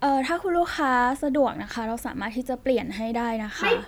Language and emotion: Thai, neutral